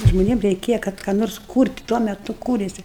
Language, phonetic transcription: Lithuanian, žmoˈniem reiˈkėja ˈkad ką ˈnors ˈkūrt' ˈtuo meˈtu ˈkūrėsi

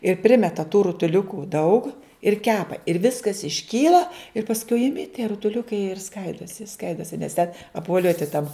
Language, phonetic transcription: Lithuanian, ir ˈprimeta tų rutuˈliukų daug ir ˈkepa ir ˈviskas išˈkyla ir pasˈkui iˈmi tie rutuˈliukai jie ir ˈskaidosi ˈskaidosi nes ten apvoˈliuoti tam

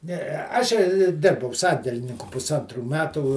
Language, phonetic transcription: Lithuanian, ˈnee ˈašei ˈdirbau ˈsandelininku pusˈantrų ˈmetų

